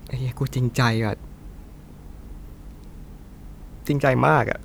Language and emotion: Thai, sad